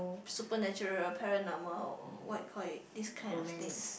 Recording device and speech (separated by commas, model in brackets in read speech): boundary microphone, conversation in the same room